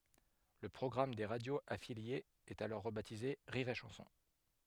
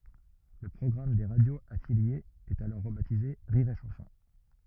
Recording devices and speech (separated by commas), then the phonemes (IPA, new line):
headset microphone, rigid in-ear microphone, read sentence
lə pʁɔɡʁam de ʁadjoz afiljez ɛt alɔʁ ʁəbatize ʁiʁ e ʃɑ̃sɔ̃